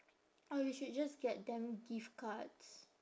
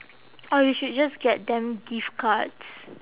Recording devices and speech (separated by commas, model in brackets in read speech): standing microphone, telephone, conversation in separate rooms